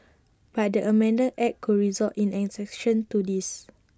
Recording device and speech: standing microphone (AKG C214), read sentence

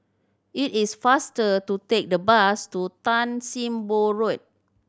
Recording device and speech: standing microphone (AKG C214), read sentence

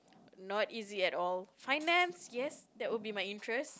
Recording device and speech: close-talking microphone, conversation in the same room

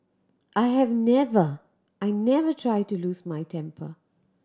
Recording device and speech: standing microphone (AKG C214), read sentence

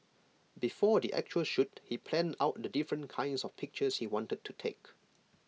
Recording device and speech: mobile phone (iPhone 6), read sentence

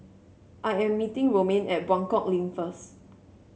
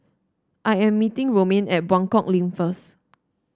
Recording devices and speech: mobile phone (Samsung C7), standing microphone (AKG C214), read sentence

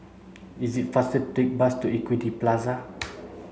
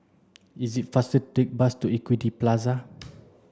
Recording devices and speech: mobile phone (Samsung C7), standing microphone (AKG C214), read sentence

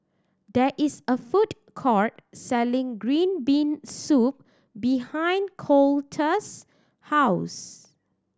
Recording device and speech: standing microphone (AKG C214), read sentence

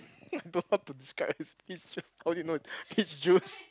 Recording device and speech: close-talking microphone, conversation in the same room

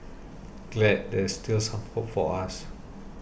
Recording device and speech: boundary microphone (BM630), read sentence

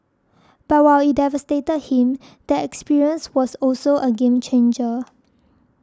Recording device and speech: standing microphone (AKG C214), read sentence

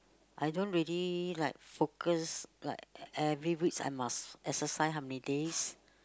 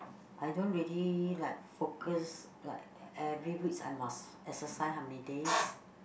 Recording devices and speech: close-talking microphone, boundary microphone, conversation in the same room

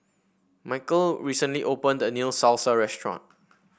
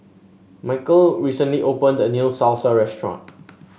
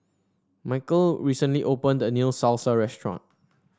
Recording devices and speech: boundary microphone (BM630), mobile phone (Samsung S8), standing microphone (AKG C214), read sentence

